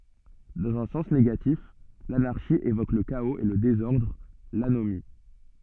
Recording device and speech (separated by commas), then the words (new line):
soft in-ear microphone, read sentence
Dans un sens négatif, l'anarchie évoque le chaos et le désordre, l'anomie.